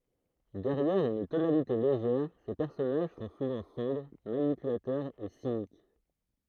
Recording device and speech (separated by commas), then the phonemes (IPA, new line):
throat microphone, read sentence
dɛʁjɛʁ yn tonalite leʒɛʁ se pɛʁsɔnaʒ sɔ̃ suvɑ̃ sɔ̃bʁ manipylatœʁz e sinik